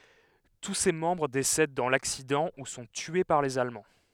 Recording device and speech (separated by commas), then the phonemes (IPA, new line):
headset microphone, read sentence
tu se mɑ̃bʁ desɛd dɑ̃ laksidɑ̃ u sɔ̃ tye paʁ lez almɑ̃